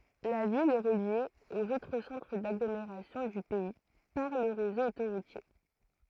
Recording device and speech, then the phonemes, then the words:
throat microphone, read sentence
la vil ɛ ʁəlje oz otʁ sɑ̃tʁ daɡlomeʁasjɔ̃ dy pɛi paʁ lə ʁezo otoʁutje
La ville est reliée aux autres centres d'agglomération du pays par le réseau autoroutier.

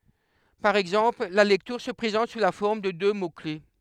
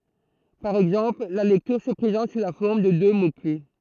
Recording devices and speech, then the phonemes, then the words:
headset microphone, throat microphone, read sentence
paʁ ɛɡzɑ̃pl la lɛktyʁ sə pʁezɑ̃t su la fɔʁm də dø mokle
Par exemple, la lecture se présente sous la forme de deux mots-clefs.

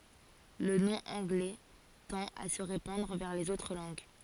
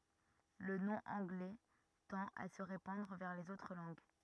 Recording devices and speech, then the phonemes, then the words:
forehead accelerometer, rigid in-ear microphone, read sentence
lə nɔ̃ ɑ̃ɡlɛ tɑ̃t a sə ʁepɑ̃dʁ vɛʁ lez otʁ lɑ̃ɡ
Le nom anglais tend à se répandre vers les autres langues.

